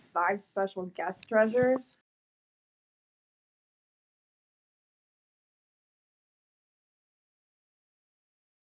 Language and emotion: English, disgusted